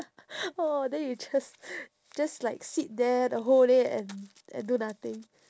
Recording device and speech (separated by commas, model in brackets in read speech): standing microphone, conversation in separate rooms